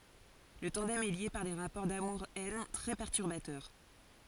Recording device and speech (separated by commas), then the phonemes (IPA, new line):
forehead accelerometer, read sentence
lə tɑ̃dɛm ɛ lje paʁ de ʁapɔʁ damuʁ ɛn tʁɛ pɛʁtyʁbatœʁ